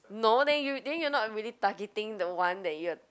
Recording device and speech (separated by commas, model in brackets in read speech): close-talking microphone, conversation in the same room